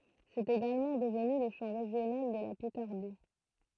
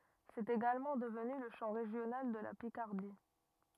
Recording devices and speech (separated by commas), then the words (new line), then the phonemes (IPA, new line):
throat microphone, rigid in-ear microphone, read sentence
C'est également devenu le chant régional de la Picardie.
sɛt eɡalmɑ̃ dəvny lə ʃɑ̃ ʁeʒjonal də la pikaʁdi